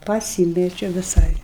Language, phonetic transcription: Lithuanian, paˈsymečio viˈsai

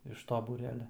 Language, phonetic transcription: Lithuanian, iš to būˈrelia

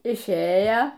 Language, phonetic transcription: Lithuanian, išˈėja

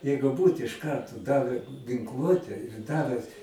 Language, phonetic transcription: Lithuanian, ˈjeigu ˈbūt iš ˈkarto ˈdavę ginˈkluote ˈdave

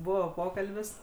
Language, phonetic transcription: Lithuanian, ˈbuvo ˈpokalbis

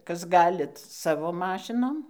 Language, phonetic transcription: Lithuanian, ˈkas ˈgalit ˈsavo ˈmašinom

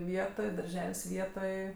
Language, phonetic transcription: Lithuanian, ˈvietoj darˈžel's' ˈvietoj

